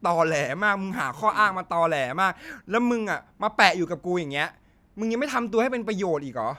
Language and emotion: Thai, frustrated